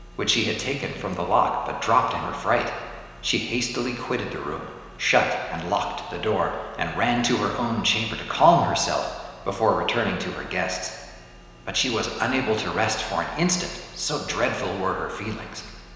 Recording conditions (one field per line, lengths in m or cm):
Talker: one person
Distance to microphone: 1.7 m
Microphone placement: close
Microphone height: 1.0 m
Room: very reverberant, large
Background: none